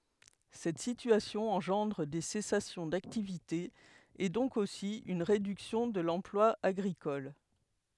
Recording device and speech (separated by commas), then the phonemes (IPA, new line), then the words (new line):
headset microphone, read sentence
sɛt sityasjɔ̃ ɑ̃ʒɑ̃dʁ de sɛsasjɔ̃ daktivite e dɔ̃k osi yn ʁedyksjɔ̃ də lɑ̃plwa aɡʁikɔl
Cette situation engendre des cessations d'activité et donc aussi une réduction de l'emploi agricole.